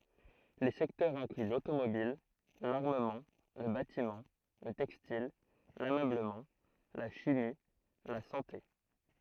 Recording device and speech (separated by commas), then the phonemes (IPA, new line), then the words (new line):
throat microphone, read sentence
le sɛktœʁz ɛ̃kly lotomobil laʁməmɑ̃ lə batimɑ̃ lə tɛkstil lamøbləmɑ̃ la ʃimi la sɑ̃te
Les secteurs incluent l'automobile, l'armement, le bâtiment, le textile, l'ameublement, la chimie, la santé.